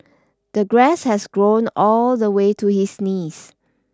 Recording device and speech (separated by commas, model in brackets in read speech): standing microphone (AKG C214), read sentence